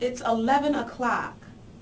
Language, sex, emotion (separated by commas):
English, female, disgusted